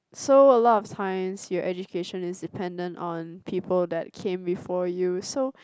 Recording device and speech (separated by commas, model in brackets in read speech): close-talking microphone, conversation in the same room